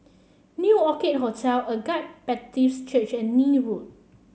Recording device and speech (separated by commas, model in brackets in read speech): mobile phone (Samsung C7), read sentence